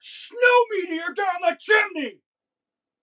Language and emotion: English, angry